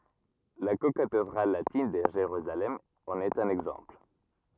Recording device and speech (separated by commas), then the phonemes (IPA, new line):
rigid in-ear microphone, read sentence
la kokatedʁal latin də ʒeʁyzalɛm ɑ̃n ɛt œ̃n ɛɡzɑ̃pl